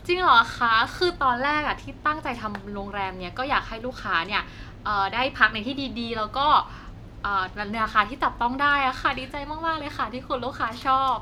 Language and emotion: Thai, happy